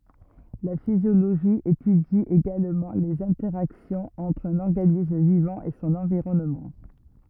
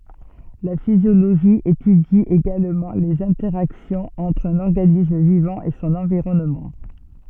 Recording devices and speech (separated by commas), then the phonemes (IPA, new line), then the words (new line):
rigid in-ear microphone, soft in-ear microphone, read sentence
la fizjoloʒi etydi eɡalmɑ̃ lez ɛ̃tɛʁaksjɔ̃z ɑ̃tʁ œ̃n ɔʁɡanism vivɑ̃ e sɔ̃n ɑ̃viʁɔnmɑ̃
La physiologie étudie également les interactions entre un organisme vivant et son environnement.